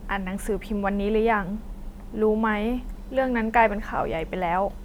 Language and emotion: Thai, sad